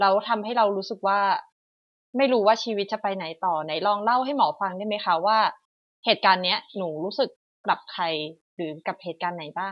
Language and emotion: Thai, neutral